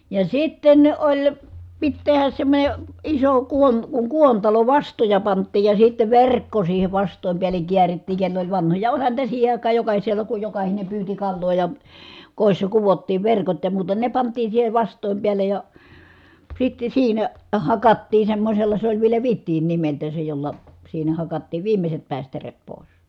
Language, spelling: Finnish, ja sitten oli piti tehdä semmoinen iso - kun kuontalo vastoja pantiin ja sitten verkko siihen vastojen päälle käärittiin kenellä oli vanhoja olihan niitä siihen aikaan jokaisella kun jokainen pyysi kalaa ja kodissa kudottiin verkot ja muuta ne pantiin siihen vastojen päälle ja sitten siinä hakattiin semmoisella se oli vielä vidin nimeltään se jolla siinä hakattiin viimeiset päistäreet pois
- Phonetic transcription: ja sitten oĺ , pit tehäs semmońe , iso , kuon- , kuŋ kuontalo vastoja pant̆tiij ja sittev ver̀kko siihe vast̀òim piäleŋ kiärittiiŋ kell ‿oĺ vanhoja , oĺhan niitä siihe àikaa jokahisela ku jokahine pyyti kalloo ja , kòissa kuvottiiv verkot ja muuta , ne pant̀ii siihe vast̀òim piälej ja , sitte siinä , hakattii semmośella se oĺ vielä vittiin nimelt̀ää se jolla , siinä hakattiiv viimeset pä̀istäret pòis .

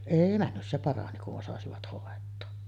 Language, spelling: Finnish, ei mennyt se parani kun osasivat hoitaa
- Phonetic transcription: 'èi männy , se 'parani kuˀ 'ˀosasivat hòet̆too .

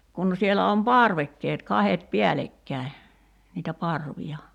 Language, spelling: Finnish, kun siellä on parvekkeet kahdet päällekkäin niitä parvia
- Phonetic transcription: kun 'sielä om "parvekkeet 'kahet "piälekkä̀i̬ , niitä 'parvi₍a .

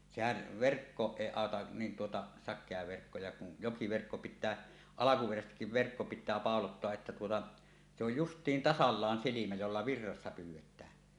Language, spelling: Finnish, sehän verkkoon ei auta niin tuota sakea verkko ja kun jokiverkko pitää alkuperäisestikin verkko pitää pauloittaa että tuota se on justiin tasallaan silmä jolla virrassa pyydetään
- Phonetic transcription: sehäv "verkkooˀ "ˀèi 'àota , nin tuota , 'sak̆kea verkko ja kun , 'jokiverkko pit̆tää , "alakuperäsestikkiv 'verkko 'pit̆tää 'pàolottoa’ ’että tuota , se ‿oj "just̀iin "tasallaan 'silimä jolla "virrassa 'pyyw̆-wet̀ää .

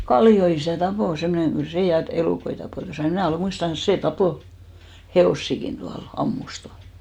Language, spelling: Finnish, Kallion isä tappoi semmoinen kyllä se ja elukoita tappoi ja minä olen muistavanansa se tappoi hevosiakin tuolla ampui tuolla
- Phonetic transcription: "Kalli₍o isä̀ 'tapò , semmᵒneŋ 'ɢyl "sè 'ja 'elùkoi tapò , ja 'mnä̀ olè 'muistavanas 'sè 'tapò , "he₍òssikin tual , 'ammus tual .

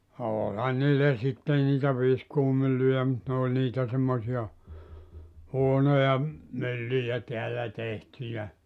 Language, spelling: Finnish, olihan niillä sitten niitä viskuumyllyjä mutta ne oli niitä semmoisia huonoja myllyjä täällä tehtyjä
- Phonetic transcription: 'ooĺhan niillä sitten niitä 'viskuumyllyjä mut nᵉ ‿òĺ 'niitä semmosi₍a , 'huonoja , 'myllyjä 'teällä 'tehtyjä .

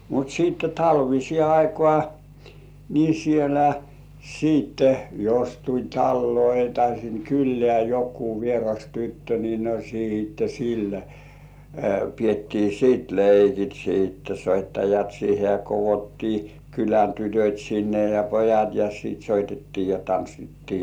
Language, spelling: Finnish, mutta sitten talviseen aikaan niin siellä sitten jos tuli taloihin tai sinne kylään joku vieras tyttö niin no sitten sillä pidettiin sitten leikit sitten soittajat siihen ja koottiin kylän tytöt sinne ja pojat ja sitten soitettiin ja tanssittiin
- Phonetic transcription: mut 'siitte 'talvisĭè "aikŏà , ni 'sielä , `siitte , jos tuĺ 'talloi tai siŋ 'kyllĕä jok§kuu 'vieras "tyttö ni no 'siitte "sillä , piettii sit leikit "siitte 'soittajat§ siihe ja kovottii 'kylän "tytöt̜ sinne ja "pojat ja sìt soitettii ja tanssittii .

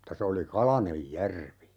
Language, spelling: Finnish, mutta se oli kalainen järvi
- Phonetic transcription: m̥ta 'se oli "kalanej "järvi !

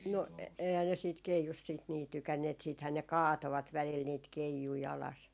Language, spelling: Finnish, no eihän ne siitä keijusta sitten niin tykänneet sittenhän ne kaatoivat välillä niitä keijuja alas
- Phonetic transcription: no eihän ne siit 'keijust siit nii 'tykänneet siithää ne "kaatovat 'välil niit "keijui 'alas .

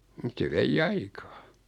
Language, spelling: Finnish, mutta se vei aikaa
- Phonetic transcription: mᵘt se 'vei"j ‿aikaa .

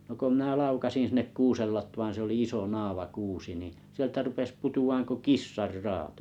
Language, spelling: Finnish, no kun minä laukaisin sinne kuusen latvaan se oli iso naavakuusi niin sieltä rupesi putoamaan kuin kissanraato
- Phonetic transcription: no ko minä "laukasin 'sinnek "kuusel 'latvaaᵃ̰ se oli 'iso 'naava'kuusi nì , sieltä rupes 'putu₍aaŋ ko "kissar"raato .

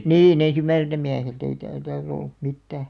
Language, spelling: Finnish, niin ensimmäiseltä mieheltä ei tällä taas ollut mitään
- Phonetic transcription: nii'n ‿en̬§sim̆§mäiseitä 'miähelt ‿ei täl taas ‿ollᴜ , 'mittää .

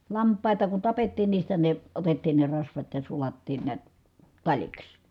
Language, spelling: Finnish, lampaita kun tapettiin niistä ne otettiin ne rasvat ja sulattiin näet taliksi
- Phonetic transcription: lamp̆pàita ku tapettiin niistä ne , otettiin ne rasvat ja sulattiin niät , taĺiks .

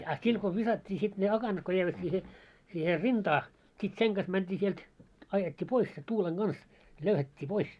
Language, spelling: Finnish, ah sillä kun viskattiin se ne akanat kun jäivät siihen siihen rintaan sitten sen kanssa mentiin sieltä ajettiin pois se tuulen kanssa löyhättiin pois
- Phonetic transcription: ah 'sil ko 'visat́t́ii siᴅ ne 'akanat ko jäivät 'siihe , siihe "rintaa , sit 'seŋ ɢas 'mänt́ii sielt , 'ajet́t́ii 'pois se 'tuuleŋ 'ɢans , löyhät́t́ii 'pois .

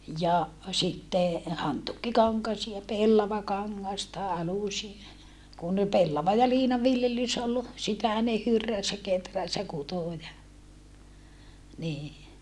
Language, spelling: Finnish, ja sitten hantuukikankaisia ja pellavakangasta alusia ja kun pellava ja liina viljelys oli sitä ne hyrräsi ja kehräsi ja kutoi ja niin
- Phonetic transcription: ja , sitte , hantuukkikaŋkasia ja pellavakaŋŋasta alusie ja , kun , pellava ja liina viljelys ol , sitä ne hyrräs ja keträs ja kutò ja , nii .

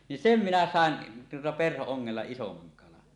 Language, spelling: Finnish, niin sen minä saan tuota perho-ongella isomman kalan
- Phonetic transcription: nin "sem 'minä 'sàen , tuota perho₍oŋŋella isomaŋ kalan .

